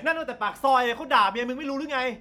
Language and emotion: Thai, angry